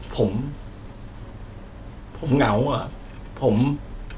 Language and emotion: Thai, frustrated